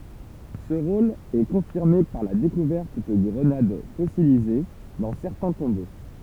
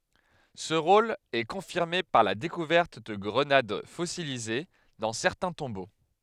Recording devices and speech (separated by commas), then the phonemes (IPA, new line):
temple vibration pickup, headset microphone, read sentence
sə ʁol ɛ kɔ̃fiʁme paʁ la dekuvɛʁt də ɡʁənad fɔsilize dɑ̃ sɛʁtɛ̃ tɔ̃bo